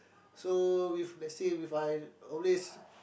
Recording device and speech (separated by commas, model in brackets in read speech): boundary microphone, conversation in the same room